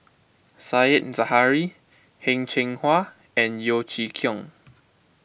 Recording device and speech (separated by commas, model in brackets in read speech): boundary microphone (BM630), read sentence